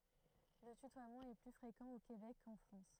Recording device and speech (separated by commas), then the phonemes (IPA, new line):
throat microphone, read sentence
lə tytwamɑ̃ ɛ ply fʁekɑ̃ o kebɛk kɑ̃ fʁɑ̃s